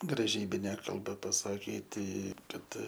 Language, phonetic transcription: Lithuanian, graˈžybine kalˈba pasaˈkyti ˈkad

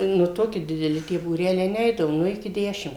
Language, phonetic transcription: Lithuanian, nu ˈtoki dideˈli tie būˈreliai ˈneidavo ˈnu iki ˈdešim

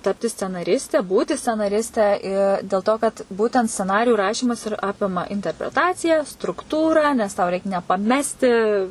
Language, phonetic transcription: Lithuanian, ˈtapti scenaˈriste ˈbūti scenaˈriste i dėl to kad ˈbūtent sceˈnarijų ˈrašymas ir ˈapima interpreˈtaciją strukˈtūrą nes tau reik nepaˈmesti

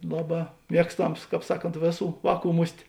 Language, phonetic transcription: Lithuanian, ˈlaˌbā ˈmiekstams ˈkāp ˈsaˌkont ˈvėˌsų ˈvāˌkų ˈmus't'

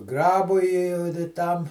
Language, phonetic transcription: Lithuanian, ˈgrabui i da ˈtam

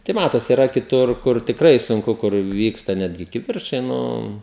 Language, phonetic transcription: Lithuanian, tai ˈmatosi iˈra kiˈtur ˈkur tikˈrai sunˈku kur ˈvyksta ˈnetgi kiˈvirčai ˈnu

